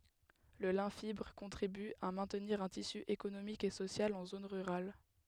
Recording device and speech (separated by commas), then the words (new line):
headset microphone, read sentence
Le lin fibre contribue à maintenir un tissu économique et social en zones rurales.